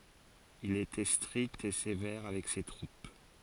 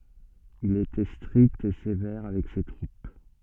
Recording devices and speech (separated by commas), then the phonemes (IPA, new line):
forehead accelerometer, soft in-ear microphone, read sentence
il etɛ stʁikt e sevɛʁ avɛk se tʁup